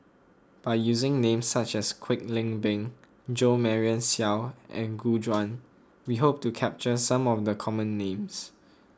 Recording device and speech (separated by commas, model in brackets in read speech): close-talking microphone (WH20), read sentence